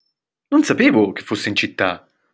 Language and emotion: Italian, surprised